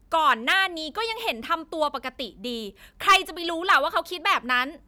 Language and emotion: Thai, angry